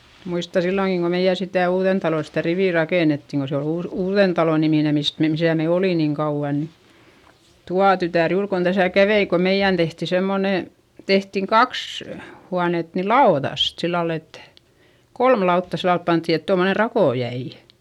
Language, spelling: Finnish, muistan silloinkin kun meidän sitä Uudentalon sitä riviä rakennettiin kun se oli - Uudentalon niminen mistä - missä me olimme niin kauan niin tuo tytär juuri kun tässä kävi kun meidän tehtiin semmoinen tehtiin kaksi huonetta niin laudasta sillä lailla että kolme lautaa sillä lailla pantiin että tuommoinen rako jäi
- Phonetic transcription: muista silloŋki ko meiʲä sitä̀ Uuδentalo sitä rivì rakènettiŋ ko se ol Uus- , Uuδentalo nimine mist mem- misä me oli niŋ kauᵛa ni , tua tytä̀r juur kon Däsä̀ kävei ko meiʲän tehti semmone , tehtiŋ kaks , huanet ni laoδast , sillal ‿et , kolm lautta sillal panttì et tommone rakò jäi .

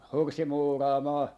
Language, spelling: Finnish, horsseja muuraamaan
- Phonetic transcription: 'horssi 'muuraamaa .

